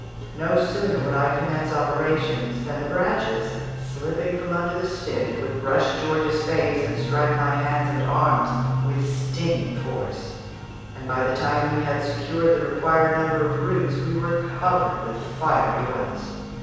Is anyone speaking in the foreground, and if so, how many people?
One person.